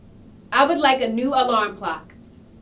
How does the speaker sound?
angry